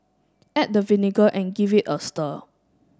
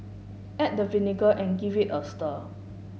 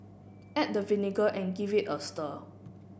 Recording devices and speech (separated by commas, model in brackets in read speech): standing microphone (AKG C214), mobile phone (Samsung S8), boundary microphone (BM630), read sentence